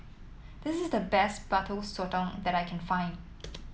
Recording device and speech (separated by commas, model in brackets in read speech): mobile phone (iPhone 7), read sentence